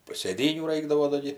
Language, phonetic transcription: Lithuanian, sėˈdynių ˈraikdavo da ˈgi

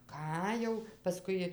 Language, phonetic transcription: Lithuanian, ˈką jau paˈskui

